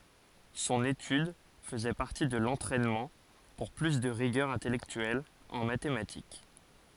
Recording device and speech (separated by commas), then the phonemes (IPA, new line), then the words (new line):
forehead accelerometer, read sentence
sɔ̃n etyd fəzɛ paʁti də lɑ̃tʁɛnmɑ̃ puʁ ply də ʁiɡœʁ ɛ̃tɛlɛktyɛl ɑ̃ matematik
Son étude faisait partie de l'entraînement pour plus de rigueur intellectuelle en mathématiques.